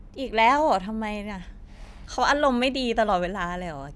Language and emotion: Thai, frustrated